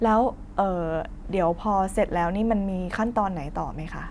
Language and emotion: Thai, neutral